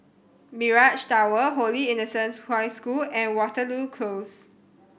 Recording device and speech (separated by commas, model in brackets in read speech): boundary microphone (BM630), read sentence